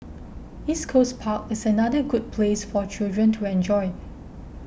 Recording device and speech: boundary microphone (BM630), read sentence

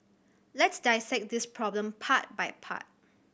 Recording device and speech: boundary microphone (BM630), read sentence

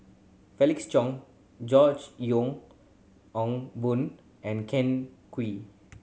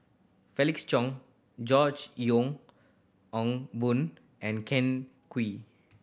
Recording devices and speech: mobile phone (Samsung C7100), boundary microphone (BM630), read sentence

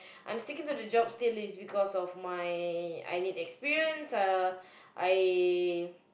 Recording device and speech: boundary microphone, conversation in the same room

